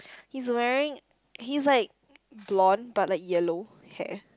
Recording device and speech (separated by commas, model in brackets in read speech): close-talking microphone, conversation in the same room